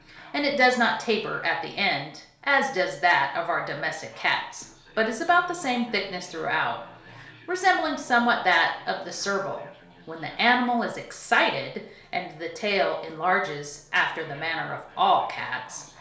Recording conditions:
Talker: one person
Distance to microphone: 1.0 m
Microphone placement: close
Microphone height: 1.1 m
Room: small (3.7 m by 2.7 m)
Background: television

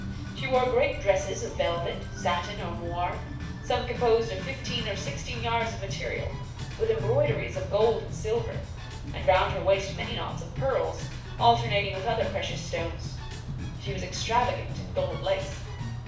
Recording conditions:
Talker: one person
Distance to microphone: 5.8 m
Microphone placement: far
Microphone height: 1.8 m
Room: medium-sized (5.7 m by 4.0 m)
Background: music

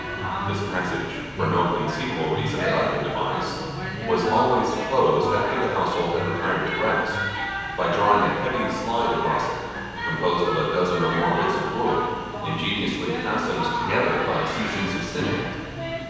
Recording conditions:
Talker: one person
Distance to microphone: 7.1 m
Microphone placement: far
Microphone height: 1.7 m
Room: very reverberant, large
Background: television

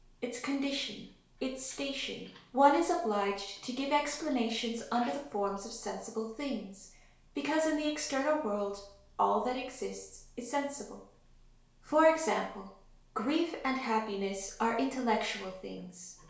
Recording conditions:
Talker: one person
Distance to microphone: 1.0 m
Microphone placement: close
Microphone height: 1.1 m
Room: small (3.7 m by 2.7 m)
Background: television

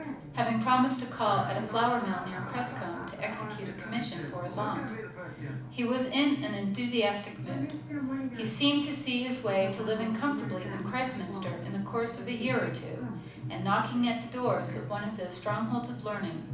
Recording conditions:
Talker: one person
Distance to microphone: 5.8 m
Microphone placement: far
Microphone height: 1.8 m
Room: medium-sized (5.7 m by 4.0 m)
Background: television

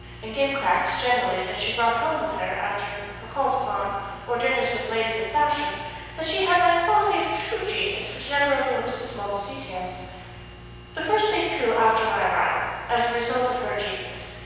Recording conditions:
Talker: one person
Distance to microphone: 7.1 m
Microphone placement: far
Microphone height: 1.7 m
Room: very reverberant, large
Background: none

